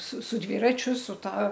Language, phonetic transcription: Lithuanian, su su ˈdvyračiu su ˈta

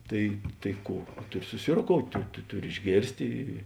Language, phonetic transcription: Lithuanian, ˈtai tai ˈkų ˈtuˌri susirokout' tu ˈtuˌri išˈgėrstė

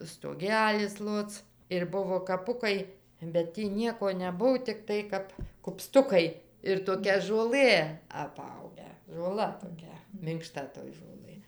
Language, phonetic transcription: Lithuanian, stoˈgelis ˈloc ir ˈbuvo kaˈpukai bet ˈtį ˈnieko neˈbuv tikˈtai kap kupˈstukai ir toˈkia žuoˈlɘ aˈpaugę žoˈla toˈkia minkˈšta toj žoˈlɘ

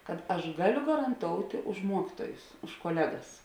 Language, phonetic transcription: Lithuanian, kad ˈaš ˈgaˌliu garanˈtoutė už ˈmuokytuojus už koˈlegas

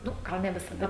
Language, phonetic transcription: Lithuanian, ˈnu ˈgal ne visaˈda

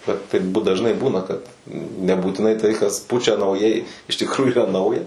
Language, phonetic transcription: Lithuanian, ˈbet taip dažˈnai ˈbūna kad nebūtiˈnai tai kas ˈpučia nauˈjai iš tikˈrųju yˈra ˈnauja

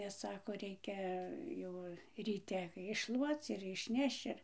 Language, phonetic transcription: Lithuanian, nes ˈsako ˈreikia ˈjau ryˈte išˈšluoc ir išˈnešč ir

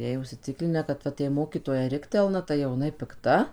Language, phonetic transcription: Lithuanian, ˈjai užsiˈciklinę kad ˈvat jei ˈmokytoja ˈriktelna tai jau jiˈnai pikˈta

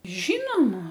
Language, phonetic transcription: Lithuanian, ˈžynoma

